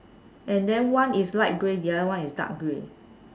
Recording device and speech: standing microphone, conversation in separate rooms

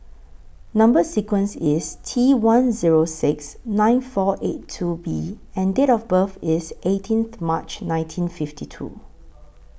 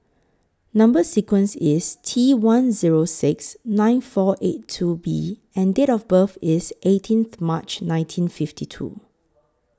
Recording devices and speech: boundary microphone (BM630), close-talking microphone (WH20), read sentence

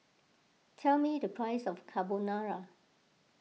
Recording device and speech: mobile phone (iPhone 6), read sentence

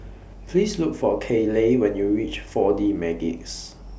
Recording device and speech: boundary microphone (BM630), read sentence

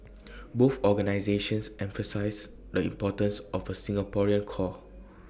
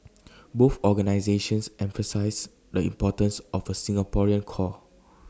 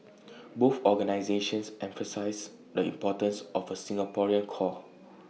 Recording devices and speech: boundary microphone (BM630), standing microphone (AKG C214), mobile phone (iPhone 6), read sentence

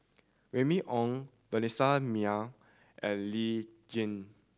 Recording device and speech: standing microphone (AKG C214), read sentence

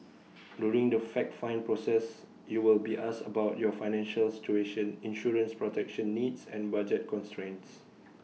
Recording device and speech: mobile phone (iPhone 6), read sentence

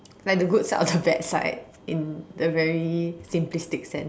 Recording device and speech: standing microphone, conversation in separate rooms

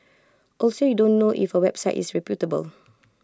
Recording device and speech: close-talking microphone (WH20), read sentence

